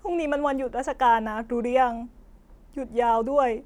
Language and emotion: Thai, sad